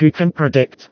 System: TTS, vocoder